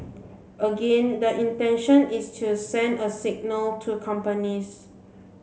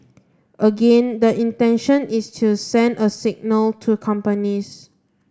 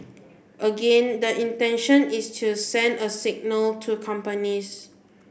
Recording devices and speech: mobile phone (Samsung C7), standing microphone (AKG C214), boundary microphone (BM630), read sentence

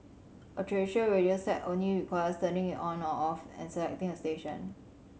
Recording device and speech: mobile phone (Samsung C7100), read sentence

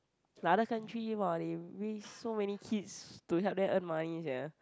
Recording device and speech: close-talking microphone, conversation in the same room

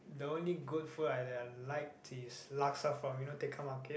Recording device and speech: boundary microphone, conversation in the same room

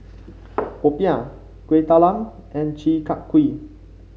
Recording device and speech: mobile phone (Samsung C5), read sentence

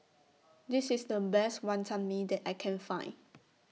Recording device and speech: mobile phone (iPhone 6), read sentence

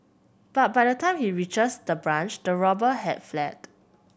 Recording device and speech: boundary microphone (BM630), read sentence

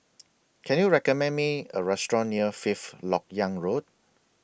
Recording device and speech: boundary microphone (BM630), read sentence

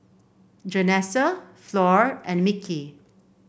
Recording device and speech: boundary microphone (BM630), read sentence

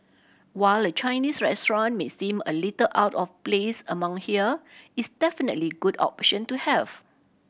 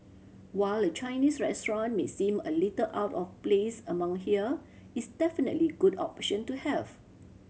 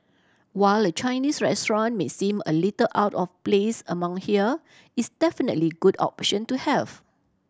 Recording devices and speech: boundary microphone (BM630), mobile phone (Samsung C7100), standing microphone (AKG C214), read sentence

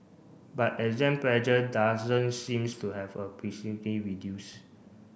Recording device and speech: boundary microphone (BM630), read sentence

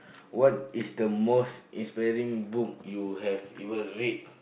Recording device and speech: boundary microphone, conversation in the same room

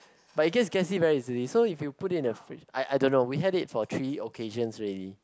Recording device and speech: close-talking microphone, conversation in the same room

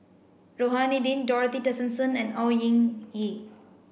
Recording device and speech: boundary microphone (BM630), read sentence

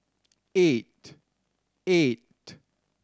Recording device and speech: standing microphone (AKG C214), read sentence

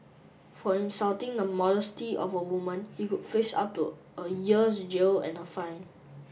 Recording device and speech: boundary microphone (BM630), read sentence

